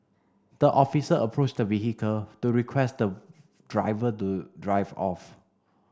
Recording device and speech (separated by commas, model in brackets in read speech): standing microphone (AKG C214), read sentence